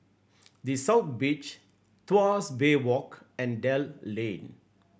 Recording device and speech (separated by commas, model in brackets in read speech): boundary microphone (BM630), read sentence